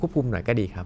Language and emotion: Thai, neutral